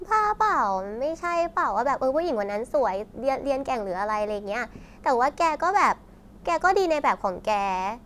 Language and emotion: Thai, neutral